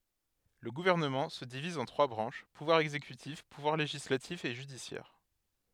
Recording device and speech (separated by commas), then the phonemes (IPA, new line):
headset microphone, read sentence
lə ɡuvɛʁnəmɑ̃ sə diviz ɑ̃ tʁwa bʁɑ̃ʃ puvwaʁ ɛɡzekytif puvwaʁ leʒislatif e ʒydisjɛʁ